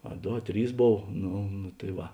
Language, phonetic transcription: Lithuanian, a ˈdo a ˈtrys ˈbov ˈnu nu tai ˈva

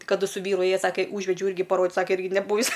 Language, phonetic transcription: Lithuanian, kaˈdu su ˈvyru ˈėja ˈsake ˈūžvedžiau ˈirgi ir parodit ˈsake ˈirgi neˈbūvis

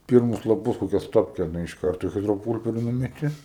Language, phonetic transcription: Lithuanian, ˈpyrmus laˈpus ˈkokia ˈstopke nu iš ˈkarto i ˈhidroˈpūlperi ˈnumeti

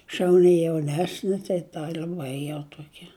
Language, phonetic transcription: Lithuanian, šauˈni jauˈnesni tai ˈta liaˈbai jau ˈtuokia

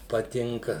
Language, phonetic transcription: Lithuanian, paˈtinka

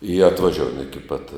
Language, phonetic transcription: Lithuanian, i atvaˈžioujam iki pat

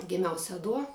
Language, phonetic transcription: Lithuanian, giˈmiau seˈduo

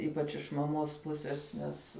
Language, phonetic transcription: Lithuanian, ˈypač iš maˈmos ˈpuses ˈnes

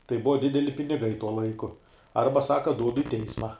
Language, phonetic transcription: Lithuanian, tai ˈbuva ˈdideli piniˈgai tuo ˈlaiku ˈarba ˈsaka ˈdūdu i ˈteisma

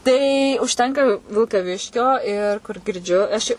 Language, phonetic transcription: Lithuanian, ˈtai užˈtenka vilkaˈviškio ˈir kur girˈdžiu aš ˈi

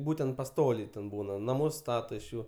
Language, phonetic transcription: Lithuanian, ˈbūtent paˈstoliai ten ˈbūna naˈmus ˈstato iš ˈjų

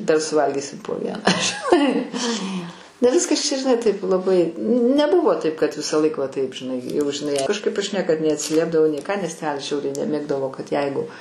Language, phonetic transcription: Lithuanian, dar suˈvalgysim po ˈvieną žiˈnai ne ˈviskas čia žiˈnai taip laˈbai neˈbuvo ˈtaip kad visaˈlaik va ˈtaip žiˈnai jau žiˈnai kažˈkaip aš ˈniekad neatsiˈliepdavau nei ką nes ˈtelis ˈžiauriai neˈmėgdavo kad ˈjeigu

